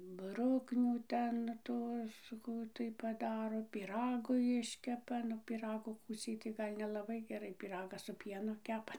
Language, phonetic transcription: Lithuanian, ˈbruknių ˈten ˈtuos ˈkų tai paˈdaro pyˈragu ˈjiškepa nu pyˈragu ˈkūciai tai ˈgal' nelaˈbai geˈrai pyˈragas su ˈpienu ˈkepa

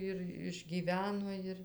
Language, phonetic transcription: Lithuanian, ir išˈgyveno ˈir

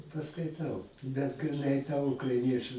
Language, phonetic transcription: Lithuanian, paskaiˈtau bet griˈnai ta ukraiˈnieču

